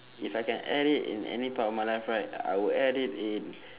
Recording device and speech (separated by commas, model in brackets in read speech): telephone, conversation in separate rooms